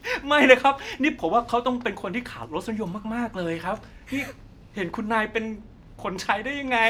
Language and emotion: Thai, happy